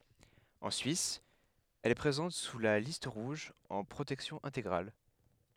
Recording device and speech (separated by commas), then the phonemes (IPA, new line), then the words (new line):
headset microphone, read sentence
ɑ̃ syis ɛl ɛ pʁezɑ̃t syʁ la list ʁuʒ ɑ̃ pʁotɛksjɔ̃ ɛ̃teɡʁal
En Suisse, elle est présente sur la Liste rouge en protection intégrale.